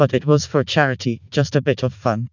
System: TTS, vocoder